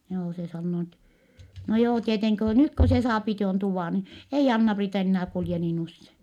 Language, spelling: Finnish, joo se sanoo niin että no joo tietenkin kun nyt kun se saa tuon tuvan niin ei Anna-Priita enää kulje niin usein
- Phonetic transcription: joo se sannoo ni ettɛ , » no joo tieteŋki ko nyt ko se saapi tuon tuvà ni , ei Anna-Priita ennää kulje niin ‿usse . »

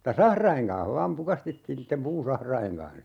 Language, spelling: Finnish, mutta sahrojen kanssa vain pukastettiin niiden puusahrojen kanssa
- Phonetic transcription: m̥ta "sahraiŋ kaa̰h 'vaam 'pukastettiin niittem 'puusahraiŋ kan(h) .

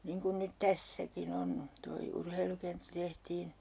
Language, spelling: Finnish, niin kuin nyt tässäkin on tuo urheilukenttä tehtiin
- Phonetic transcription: niiŋ kun nyt "tässäki'n ‿on , toi 'urheilukenttä tehtiin ,.

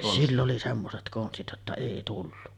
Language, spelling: Finnish, sillä oli semmoiset konstit jotta ei tullut
- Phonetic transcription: sill ‿oli 'semmoset 'konstit jotta "èi tullu .

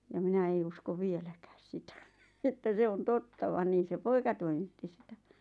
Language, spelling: Finnish, ja minä ei usko vieläkään sitä että se on totta vaan niin se poika toimitti sitä
- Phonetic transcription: ja 'minä ei usko 'vieläkääs "sitä , että 'se on "totta van 'niin̬ se "poika toimitti sitä .

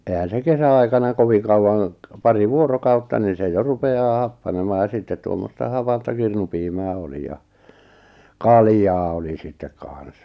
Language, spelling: Finnish, eihän se kesäaikana kovin kauan pari vuorokautta niin se jo rupeaa happanemaan ja sitten tuommoista hapanta kirnupiimää oli ja kaljaa oli sitten kanssa
- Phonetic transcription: ehän̬ se 'kesä₍aikana 'koviᵑ kauwaŋ , 'pari 'vuorokautta ni se 'jo rupe₍aa 'happanemaa ja 'sittet tuommosta 'hapanta 'kirnupiimää 'oli ja , "kaljaa oli sittek 'kàn̬s .

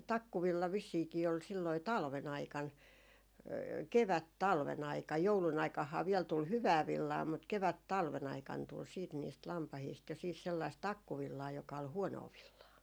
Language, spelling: Finnish, se takkuvilla vissiinkin oli sillä lailla talven aikana - kevättalven aikana joulun aikanahan vielä tuli hyvää villaa mutta - kevättalven aikana tuli sitten niistä lampaista jo siis sellaista takkuvillaa joka oli huonoa villaa
- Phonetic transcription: se "takkuvilla vissiiki ol sillai "talve'n ‿aikan , 'kevät "talve'n ‿aikaj 'joulun ‿aikahhaa viɛl tul "hyvää 'villaa mut 'kevät "talve'n ‿aikan tul siit niist 'lampahiist jo siis sellaist "takkuvillaa joka ol "huonoo 'villaa .

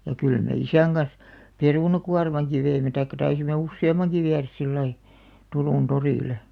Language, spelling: Finnish, ja kyllä me isän kanssa perunakuormankin veimme tai taisimme useammankin viedä sillä lailla Turun torille
- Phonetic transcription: ja kyl me "isäŋ ɢans , "perùna'kuarmaŋki 'veimme taikka 'taisimme "usse₍am̆maŋki 'viäräs 'sillai , 'Turùn 'torìle .

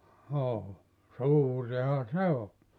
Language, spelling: Finnish, joo suurihan se oli
- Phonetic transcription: (joo) , "suuriha 'se o .

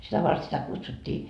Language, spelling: Finnish, sitä varten sitä kutsuttiin
- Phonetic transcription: 'sitä vart sitä 'kutsut́t́ii .

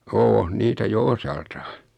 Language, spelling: Finnish, on niitä jo osaltaan
- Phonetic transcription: 'oon 'niitä jo 'osaltaa .

